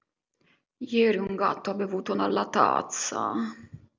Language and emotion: Italian, disgusted